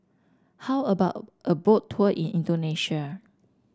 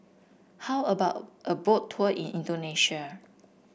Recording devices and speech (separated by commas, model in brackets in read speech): standing microphone (AKG C214), boundary microphone (BM630), read sentence